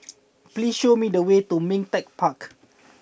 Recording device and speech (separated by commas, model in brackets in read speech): boundary microphone (BM630), read sentence